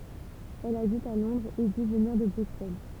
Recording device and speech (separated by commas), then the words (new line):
temple vibration pickup, read sentence
Elle habite à Londres et dit venir de Bruxelles.